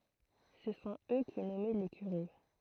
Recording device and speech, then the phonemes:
throat microphone, read sentence
sə sɔ̃t ø ki nɔmɛ le kyʁe

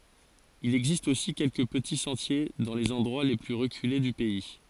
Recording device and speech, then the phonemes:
forehead accelerometer, read sentence
il ɛɡzist osi kɛlkə pəti sɑ̃tje dɑ̃ lez ɑ̃dʁwa le ply ʁəkyle dy pɛi

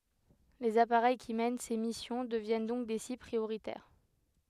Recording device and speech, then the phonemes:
headset microphone, read sentence
lez apaʁɛj ki mɛn se misjɔ̃ dəvjɛn dɔ̃k de sibl pʁioʁitɛʁ

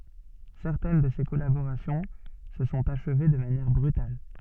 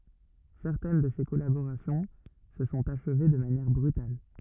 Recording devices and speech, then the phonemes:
soft in-ear microphone, rigid in-ear microphone, read sentence
sɛʁtɛn də se kɔlaboʁasjɔ̃ sə sɔ̃t aʃve də manjɛʁ bʁytal

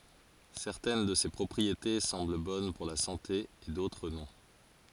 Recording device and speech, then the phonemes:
forehead accelerometer, read sentence
sɛʁtɛn də se pʁɔpʁiete sɑ̃bl bɔn puʁ la sɑ̃te e dotʁ nɔ̃

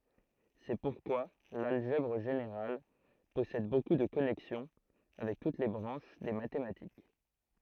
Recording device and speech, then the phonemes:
throat microphone, read sentence
sɛ puʁkwa lalʒɛbʁ ʒeneʁal pɔsɛd boku də kɔnɛksjɔ̃ avɛk tut le bʁɑ̃ʃ de matematik

